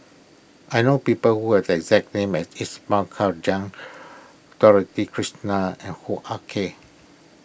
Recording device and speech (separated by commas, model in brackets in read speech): boundary microphone (BM630), read sentence